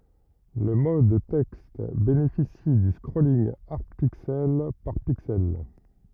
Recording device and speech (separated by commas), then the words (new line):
rigid in-ear microphone, read sentence
Le mode texte bénéficie du scrolling hard pixel par pixel.